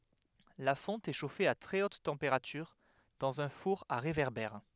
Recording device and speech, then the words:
headset microphone, read sentence
La fonte est chauffée à très haute température dans un four à réverbère.

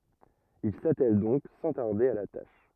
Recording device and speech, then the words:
rigid in-ear microphone, read sentence
Il s’attèle donc sans tarder à la tâche.

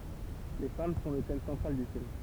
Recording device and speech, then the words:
temple vibration pickup, read sentence
Les femmes sont le thème central du film.

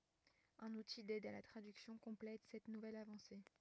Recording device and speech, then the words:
rigid in-ear microphone, read sentence
Un outil d'aide à la traduction complète cette nouvelle avancée.

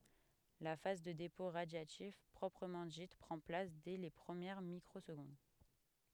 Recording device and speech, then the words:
headset microphone, read sentence
La phase de dépôt radiatif proprement dite prend place dès les premières microsecondes.

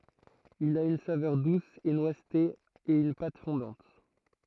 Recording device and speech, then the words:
throat microphone, read sentence
Il a une saveur douce et noisetée et une pâte fondante.

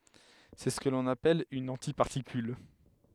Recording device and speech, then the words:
headset microphone, read sentence
C'est ce qu'on appelle une antiparticule.

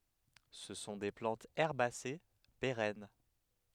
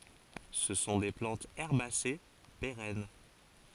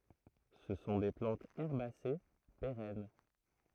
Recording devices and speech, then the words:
headset microphone, forehead accelerometer, throat microphone, read sentence
Ce sont des plantes herbacées, pérennes.

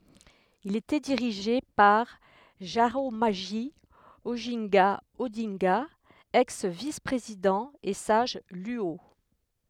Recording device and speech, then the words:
headset microphone, read sentence
Il était dirigé par Jaramogi Oginga Odinga, ex vice-président et sage Luo.

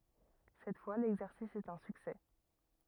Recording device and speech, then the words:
rigid in-ear microphone, read sentence
Cette fois, l’exercice est un succès.

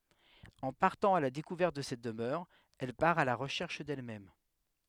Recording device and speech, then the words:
headset microphone, read sentence
En partant à la découverte de cette demeure, elle part à la recherche d’elle-même.

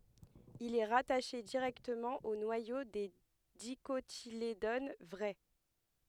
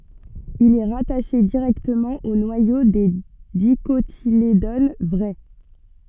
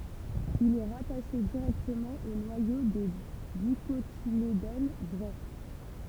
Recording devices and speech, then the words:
headset microphone, soft in-ear microphone, temple vibration pickup, read sentence
Il est rattaché directement au noyau des Dicotylédones vraies.

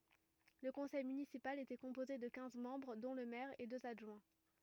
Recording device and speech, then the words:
rigid in-ear microphone, read sentence
Le conseil municipal était composé de quinze membres dont le maire et deux adjoints.

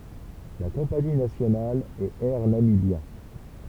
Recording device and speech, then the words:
temple vibration pickup, read sentence
La compagnie nationale est Air Namibia.

